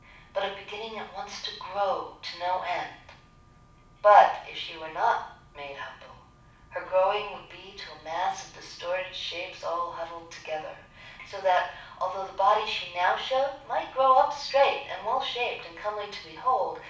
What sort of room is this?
A medium-sized room (about 5.7 m by 4.0 m).